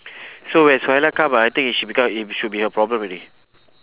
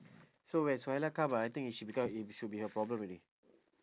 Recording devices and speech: telephone, standing microphone, conversation in separate rooms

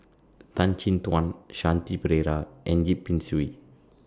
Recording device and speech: standing microphone (AKG C214), read sentence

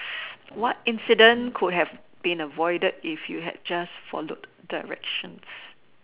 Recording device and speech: telephone, conversation in separate rooms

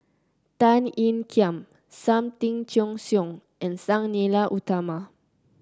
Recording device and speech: close-talking microphone (WH30), read sentence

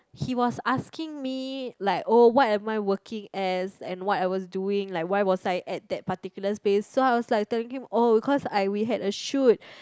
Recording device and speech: close-talking microphone, conversation in the same room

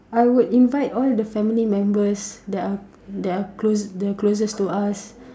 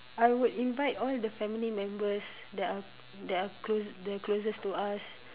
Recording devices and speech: standing microphone, telephone, conversation in separate rooms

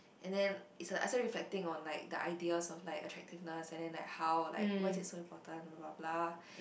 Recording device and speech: boundary microphone, conversation in the same room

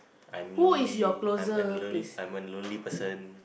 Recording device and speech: boundary microphone, conversation in the same room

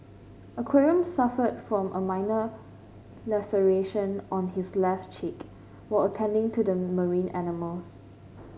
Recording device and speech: mobile phone (Samsung C5), read sentence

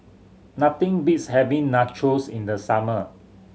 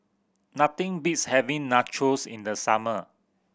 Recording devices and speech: mobile phone (Samsung C7100), boundary microphone (BM630), read sentence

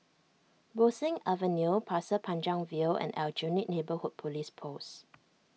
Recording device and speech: mobile phone (iPhone 6), read sentence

